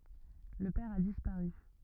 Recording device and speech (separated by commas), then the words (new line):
rigid in-ear microphone, read sentence
Le père a disparu.